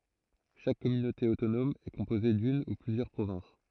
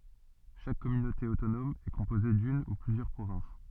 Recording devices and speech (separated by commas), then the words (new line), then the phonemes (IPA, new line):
throat microphone, soft in-ear microphone, read sentence
Chaque communauté autonome est composée d'une ou plusieurs provinces.
ʃak kɔmynote otonɔm ɛ kɔ̃poze dyn u plyzjœʁ pʁovɛ̃s